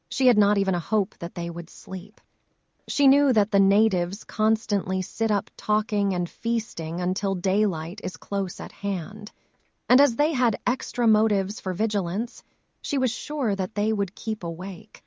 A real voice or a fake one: fake